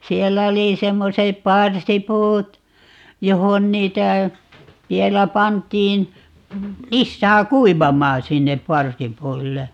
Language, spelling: Finnish, siellä oli semmoiset parsipuut johon niitä vielä pantiin lisää kuivamaan sinne parsipuille
- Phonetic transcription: "siellä oli 'semmosep "parsipuut , 'johon 'niitä , 'vielä 'pant̀iin , 'lissää "kuivamaan̬ 'sinnep "parsipuille .

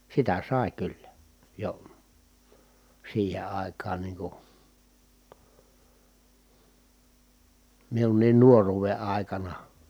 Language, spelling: Finnish, sitä sai kyllä jo siihen aikaan niin kuin minunkin nuoruuden aikana
- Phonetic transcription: sitä sài̮ kyllä , jo , siihe ài̮kaan nii ku , miunniin nuoruuve ài̮kana .

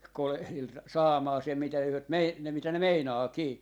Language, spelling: Finnish, kolehdilla saamaan sen mitä he on - ne mitä ne meinaakin
- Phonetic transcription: 'kolehlil "saamaa sem mitä hyö om mei- , 'ne mitä 'ne "meinaakii » .

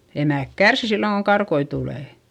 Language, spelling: Finnish, emät kärsii silloin kun karkkoja tulee
- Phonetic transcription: emä̀k kärsi silloŋ koŋ karkoi tulè .

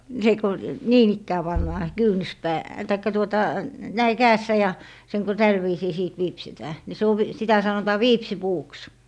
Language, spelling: Finnish, se kun niin ikään pannaan - tai tuota näin kädessä ja sen kun tällä viisiin sitten viipsitään niin se - sitä sanotaan viipsinpuuksi
- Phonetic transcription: se ku , "niin ‿ikkää 'pannaa , "kyynʸspää- , taikka 'tuota , 'näi "käässä ja , 'seŋ ku "täl viisii 'sìt 'viipsitää , ni 'se ov- , 'sitä 'sanotaa "viipsipuuks .

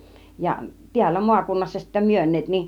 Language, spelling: Finnish, ja täällä maakunnassa sitten myyneet niin
- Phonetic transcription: ja 'tiällä 'muakunnassa sittä "myön̆neet nin .

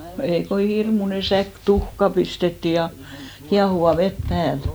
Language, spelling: Finnish, no ei kun hirmuinen säkki tuhkaa pistettiin ja kiehuvaa vettä päälle
- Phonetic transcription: no 'ei ko "hirmune 'säk "tuhka 'pistetti , ja 'kiahuva "vet 'pääl .

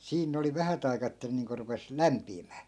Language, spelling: Finnish, siinä ne oli vähät aikaa että ne niin kuin rupesi lämpiämään
- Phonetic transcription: 'siin ne oli 'vähät ‿ai̮kaa että 'ne niiŋko rupes , "lämpiimää .

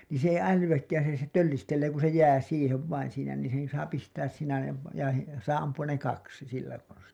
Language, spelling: Finnish, niin se ei älyäkään siinä se töllistelee kun se jää siihen vain siinä niin sen saa pistää siinä ja - ja saa ampua ne kaksi sillä konstilla
- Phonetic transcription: niin̬ se ei 'älyWäkkään̬ siinä se 'töllistellee ku se 'jää 'siihev vain siinä niin sen saa pistääs siinä ja v- , ja , saa ampu₍an ne 'kaksi 'sillä konstiḭ .

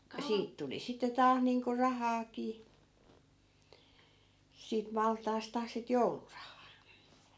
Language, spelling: Finnish, kun siitä tuli sitten taas niin kuin rahaakin siitä maltaasta sitä joulurahaa
- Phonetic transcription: ku 'siit tuli sitte 'taah niiŋko "rahaakii , siit 'malt̀aasta sit "joulurahaa .

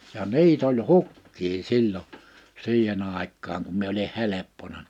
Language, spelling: Finnish, ja niitä oli hukkia silloin siihen aikaan kun minä olin helppona
- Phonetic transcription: ja "ni̬it ‿oĺ "hukkii 'sil͕l͕o , 'si̬ihen ‿àik̆kaaŋ kum 'mie oli 'heleppona .

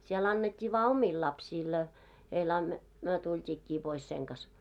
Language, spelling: Finnish, siellä annettiin vain omille lapsille a heille - me tultiinkin pois sen kanssa
- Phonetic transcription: sie'l ‿annet́t́ii vaa "omii 'lapsiil ‿a , heil an- , myö 'tult́iikkii pois seŋ kas .

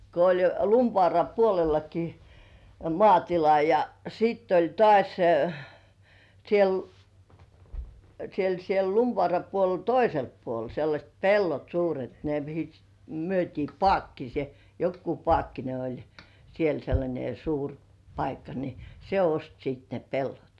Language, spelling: Finnish, kun oli jo Lumivaaran puolellakin - maatila ja sitten oli taas siellä siellä siellä Lumivaaran puolella toisella puolella sellaiset pellot suuret ne mihin myytiin - joku Paakkinen oli siellä sellainen suuri paikka niin se osti sitten ne pellot
- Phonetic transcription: ko oĺ jo "Lumvŏàra puolellaki m- 'mŏàtila ja , siitt ‿oĺ "tŏàś 'siel , 'siel 'siel "Lumvŏàra 'puolel "toiselppuol sellaśt 'pellot 'suuret ne mihi , 'myöt́ii "Pŏàkkise- , jokku "Pŏàkkine oĺ , 'siel sellańe 'suur , 'paikka ni , "se 'ost sit ne "pellot .

